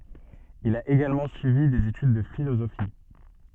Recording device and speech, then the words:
soft in-ear microphone, read sentence
Il a également suivi des études de philosophie.

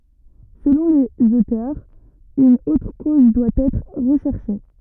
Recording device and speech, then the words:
rigid in-ear microphone, read sentence
Selon les auteurs, une autre cause doit être recherchée.

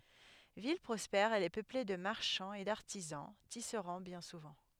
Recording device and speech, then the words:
headset microphone, read sentence
Ville prospère, elle est peuplée de marchands et d'artisans, tisserands bien souvent.

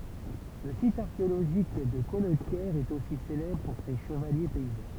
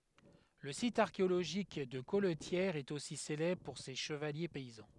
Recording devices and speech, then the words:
temple vibration pickup, headset microphone, read sentence
Le site archéologique de Colletière est aussi célèbre pour ses chevaliers paysans.

